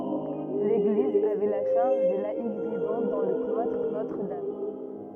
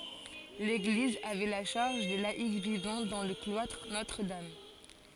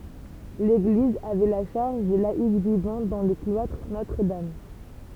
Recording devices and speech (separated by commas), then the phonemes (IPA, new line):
rigid in-ear microphone, forehead accelerometer, temple vibration pickup, read sentence
leɡliz avɛ la ʃaʁʒ de laik vivɑ̃ dɑ̃ lə klwatʁ notʁədam